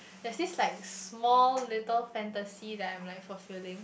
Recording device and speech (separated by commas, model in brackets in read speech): boundary microphone, conversation in the same room